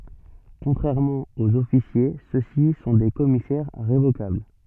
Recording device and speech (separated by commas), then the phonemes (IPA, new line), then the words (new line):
soft in-ear microphone, read sentence
kɔ̃tʁɛʁmɑ̃ oz ɔfisje sø si sɔ̃ de kɔmisɛʁ ʁevokabl
Contrairement aux officiers ceux-ci sont des commissaires révocables.